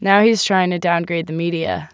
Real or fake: real